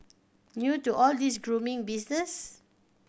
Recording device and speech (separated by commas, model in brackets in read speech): boundary microphone (BM630), read sentence